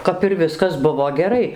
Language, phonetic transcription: Lithuanian, ˌkap ir ˈviskas ˈbuvo geˈrai

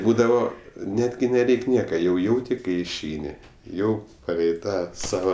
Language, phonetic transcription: Lithuanian, ˈbūdavo ˈnetgi neˈreik' ˈnieka jau ˈjauti ˈkai išˈeini ˈjau paˈlei ˈtą ˈsava

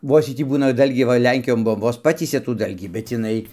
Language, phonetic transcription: Lithuanian, ˈvos ˈjy ˈtį ˈbūna ˈdalgį ˈva ˈlenkijon ˈbuom ˈvos ˈpatysia tų ˈdalgį bet iˈnai

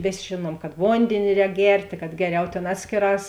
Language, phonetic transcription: Lithuanian, ˈvės' ˈžėˌnuom kad ˈvondėni ˈrēk ˈgertė kad ˈgeˌriau ˈtėn ˈatskėˌrās

